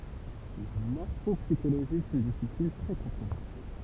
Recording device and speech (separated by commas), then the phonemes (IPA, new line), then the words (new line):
temple vibration pickup, read sentence
la mɔʁfɔpsiʃoloʒi ɛt yn disiplin tʁɛ kɔ̃tʁovɛʁse
La morphopsychologie est une discipline très controversée.